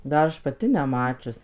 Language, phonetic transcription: Lithuanian, dar ˈaš paˈti neˈmačius

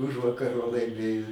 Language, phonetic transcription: Lithuanian, ˈužvakar va laiˈmėjo

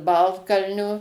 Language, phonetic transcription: Lithuanian, ˈbaltkalnio

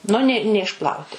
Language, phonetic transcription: Lithuanian, ˈnu ne neišˈplauti

